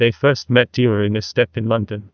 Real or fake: fake